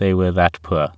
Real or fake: real